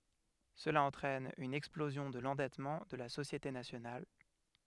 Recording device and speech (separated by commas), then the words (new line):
headset microphone, read sentence
Cela entraîne une explosion de l’endettement de la société nationale.